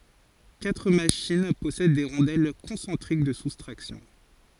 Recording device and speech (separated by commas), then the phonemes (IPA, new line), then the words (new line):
forehead accelerometer, read sentence
katʁ maʃin pɔsɛd de ʁɔ̃dɛl kɔ̃sɑ̃tʁik də sustʁaksjɔ̃
Quatre machines possèdent des rondelles concentriques de soustraction.